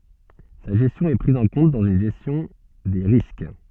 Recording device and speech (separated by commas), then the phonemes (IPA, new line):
soft in-ear microphone, read sentence
sa ʒɛstjɔ̃ ɛ pʁiz ɑ̃ kɔ̃t dɑ̃z yn ʒɛstjɔ̃ de ʁisk